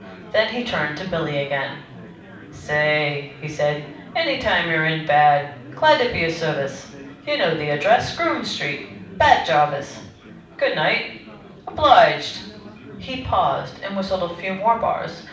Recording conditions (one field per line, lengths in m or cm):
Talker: one person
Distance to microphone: 5.8 m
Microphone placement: far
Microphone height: 1.8 m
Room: medium-sized (5.7 m by 4.0 m)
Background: babble